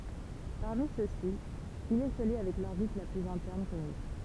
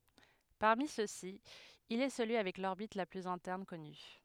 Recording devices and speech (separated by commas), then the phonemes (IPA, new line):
temple vibration pickup, headset microphone, read sentence
paʁmi søksi il ɛ səlyi avɛk lɔʁbit la plyz ɛ̃tɛʁn kɔny